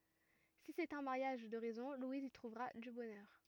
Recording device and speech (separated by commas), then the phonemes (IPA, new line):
rigid in-ear microphone, read sentence
si sɛt œ̃ maʁjaʒ də ʁɛzɔ̃ lwiz i tʁuvʁa dy bɔnœʁ